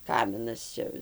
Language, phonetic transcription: Lithuanian, ˈkaminas ˈčia

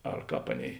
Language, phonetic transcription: Lithuanian, ar ˈkāp ˈaˌnėi

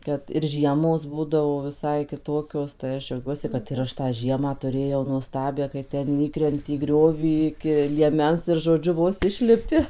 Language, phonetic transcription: Lithuanian, ˈkad ir ˈžiemos ˈbūdavo viˈsai kiˈtokios tai ˈaš džiauˈgiuosi kad ir ˈaš tą ˈžiemą tuˈrėjau nuoˈstabią kai ˈten ˈįkrenti į ˈgriovį iki lieˈmens ir žoˈdžiu ˈvos ˈišlipi

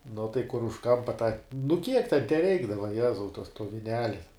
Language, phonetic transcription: Lithuanian, nu tai kur už ˈkampa tą nu kiek ten teˈreikdava ˈjezau tos to viˈneli

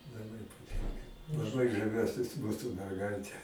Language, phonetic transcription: Lithuanian, laˈbai paˈtinka laˈbai žaˈviuosis ˈmūsu merˈgaite

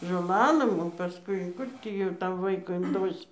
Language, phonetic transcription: Lithuanian, žoˈlalɘm o paˈskui ˈkur tį jau ˈtam ˈvaiku inˈdosi

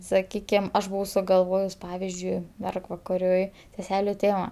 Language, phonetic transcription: Lithuanian, saˈkykim ˈaš buˈvau sugalˈvojus ˈpavizdžiui ˈmergvakariui seˈseliu ˈtėma

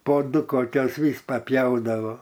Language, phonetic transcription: Lithuanian, po ˈdu koˈkios ˈvys paˈpjaudavo

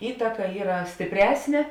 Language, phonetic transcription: Lithuanian, ˈįtaka ˈyra stipˈresnė

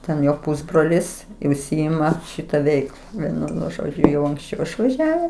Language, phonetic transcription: Lithuanian, ˈten ˈjo ˈpusbrolis i užˈsiima ˈšita ˈveikla ˈvienu nu ˈžodžiu jau anksˈčiau išvaˈžiaves

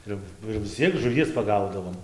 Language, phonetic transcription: Lithuanian, ˈir ˈnu ir vis ˈciek žuˈvies paˈgaudavom

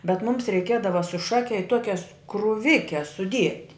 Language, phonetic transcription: Lithuanian, bet ˈmums reiˈkiedava su ˈšake i ˈtuokias kruˈvikes suˈdiet'

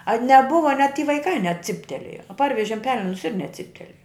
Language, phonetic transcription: Lithuanian, a neˈbuva net ty vaiˈkai neˈciptelėja ˈparvežim ˈpelenus ir neˈciptelėja

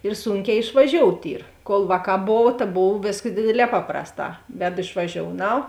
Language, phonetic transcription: Lithuanian, ir ˈsūnˌkē išvaˈžiout' ˈyr kol ˈvāˌkā ˈbov ta ˈbov ˈvėskas ˈdėdėˌlē ˈpaprasˌtā ˈvedu išvaˈžiounau

